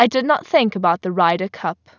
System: none